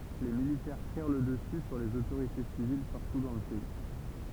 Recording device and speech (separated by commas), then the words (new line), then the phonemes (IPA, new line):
temple vibration pickup, read sentence
Les militaires prirent le dessus sur les autorités civiles partout dans le pays.
le militɛʁ pʁiʁ lə dəsy syʁ lez otoʁite sivil paʁtu dɑ̃ lə pɛi